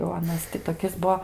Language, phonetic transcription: Lithuanian, jau aˈnas ti toˈkis ˈbuo

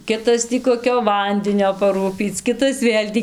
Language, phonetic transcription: Lithuanian, ˈkitas tį koˈkio ˈvandinio paˈrūpyc ˈkitas ˈvėl' tį

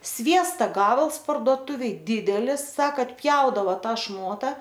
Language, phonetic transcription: Lithuanian, ˈsviesta ˈgabals parduoˈtuvėj ˈdidelis ˈsaka atˈpjaudavo ˈta ˈšmota

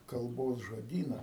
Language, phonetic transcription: Lithuanian, kalˈbos žoˈdyna

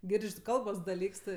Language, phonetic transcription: Lithuanian, ˈgirdž' ˈkalbos daˈlyks ˈtɜ

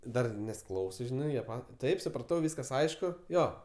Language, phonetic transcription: Lithuanian, ˈdar nes ˈklausɜ ˈžinai jie ˈpat' ˈtaip supraˈtau ˈvyskas ˈaišku ˈjo

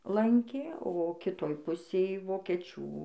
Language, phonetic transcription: Lithuanian, ˈlankė o kiˈtoj ˈpusėj vokeˈčių

